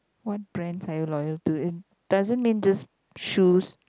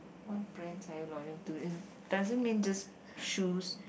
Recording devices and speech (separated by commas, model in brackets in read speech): close-talking microphone, boundary microphone, conversation in the same room